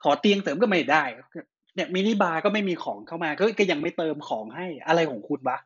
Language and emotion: Thai, angry